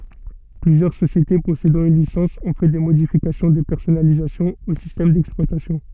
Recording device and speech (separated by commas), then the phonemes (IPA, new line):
soft in-ear microphone, read sentence
plyzjœʁ sosjete pɔsedɑ̃ yn lisɑ̃s ɔ̃ fɛ de modifikasjɔ̃ də pɛʁsɔnalizasjɔ̃ o sistɛm dɛksplwatasjɔ̃